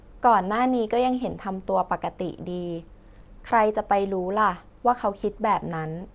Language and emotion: Thai, neutral